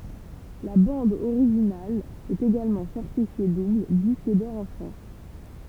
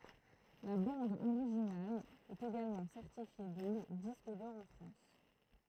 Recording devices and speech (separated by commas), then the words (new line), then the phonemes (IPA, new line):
temple vibration pickup, throat microphone, read sentence
La bande originale est également certifiée double disque d'or en France.
la bɑ̃d oʁiʒinal ɛt eɡalmɑ̃ sɛʁtifje dubl disk dɔʁ ɑ̃ fʁɑ̃s